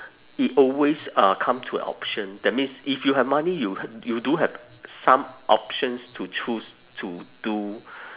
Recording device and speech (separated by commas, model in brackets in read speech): telephone, conversation in separate rooms